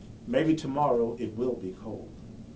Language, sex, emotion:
English
male
neutral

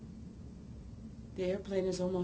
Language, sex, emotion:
English
female
neutral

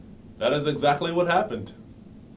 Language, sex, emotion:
English
male
neutral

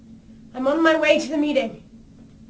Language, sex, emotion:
English
female
fearful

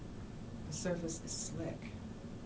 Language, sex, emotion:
English
female
neutral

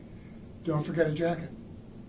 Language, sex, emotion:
English
male
neutral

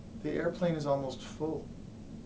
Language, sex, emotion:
English
male
sad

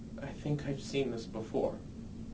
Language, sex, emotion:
English
male
fearful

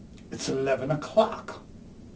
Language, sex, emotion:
English
male
disgusted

